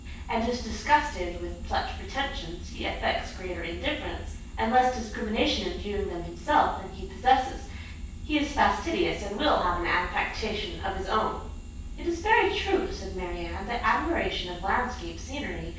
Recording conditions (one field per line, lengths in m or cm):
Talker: one person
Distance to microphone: 9.8 m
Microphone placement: far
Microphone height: 1.8 m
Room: large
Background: none